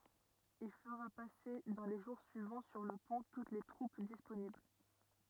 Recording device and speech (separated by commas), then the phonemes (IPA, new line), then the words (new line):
rigid in-ear microphone, read sentence
il fəʁa pase dɑ̃ le ʒuʁ syivɑ̃ syʁ lə pɔ̃ tut se tʁup disponibl
Il fera passer dans les jours suivants sur le pont toutes ses troupes disponibles.